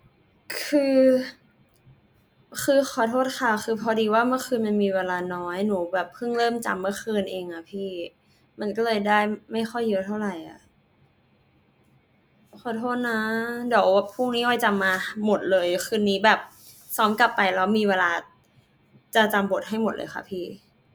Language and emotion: Thai, sad